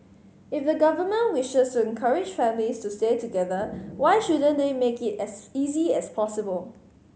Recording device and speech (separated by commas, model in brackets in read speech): mobile phone (Samsung C5010), read sentence